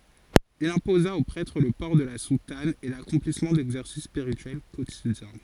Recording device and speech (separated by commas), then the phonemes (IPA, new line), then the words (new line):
forehead accelerometer, read sentence
il ɛ̃poza o pʁɛtʁ lə pɔʁ də la sutan e lakɔ̃plismɑ̃ dɛɡzɛʁsis spiʁityɛl kotidjɛ̃
Il imposa aux prêtres le port de la soutane et l'accomplissement d'exercices spirituels quotidiens.